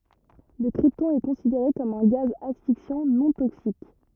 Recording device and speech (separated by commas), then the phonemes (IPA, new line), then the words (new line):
rigid in-ear microphone, read sentence
lə kʁiptɔ̃ ɛ kɔ̃sideʁe kɔm œ̃ ɡaz asfiksjɑ̃ nɔ̃ toksik
Le krypton est considéré comme un gaz asphyxiant non toxique.